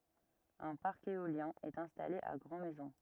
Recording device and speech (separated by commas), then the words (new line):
rigid in-ear microphone, read sentence
Un parc éolien est installé à Grand Maison.